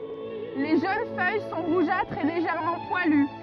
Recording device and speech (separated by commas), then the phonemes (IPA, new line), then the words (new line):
rigid in-ear microphone, read sentence
le ʒøn fœj sɔ̃ ʁuʒatʁz e leʒɛʁmɑ̃ pwaly
Les jeunes feuilles sont rougeâtres et légèrement poilues.